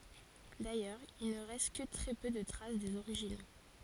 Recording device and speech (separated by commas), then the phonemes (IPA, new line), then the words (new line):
forehead accelerometer, read sentence
dajœʁz il nə ʁɛst kə tʁɛ pø də tʁas dez oʁiʒino
D’ailleurs, il ne reste que très peu de traces des originaux.